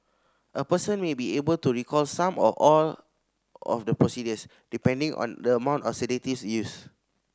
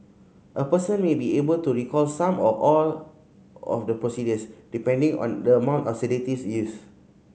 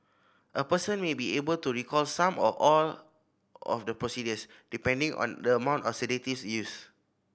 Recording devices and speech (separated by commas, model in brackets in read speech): standing microphone (AKG C214), mobile phone (Samsung C5010), boundary microphone (BM630), read sentence